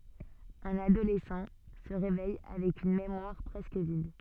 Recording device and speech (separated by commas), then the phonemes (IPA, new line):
soft in-ear microphone, read sentence
œ̃n adolɛsɑ̃ sə ʁevɛj avɛk yn memwaʁ pʁɛskə vid